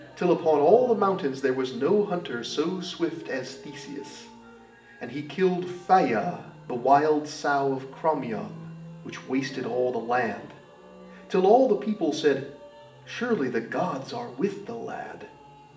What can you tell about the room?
A sizeable room.